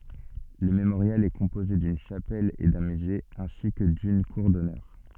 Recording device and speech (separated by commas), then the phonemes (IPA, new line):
soft in-ear microphone, read sentence
lə memoʁjal ɛ kɔ̃poze dyn ʃapɛl e dœ̃ myze ɛ̃si kə dyn kuʁ dɔnœʁ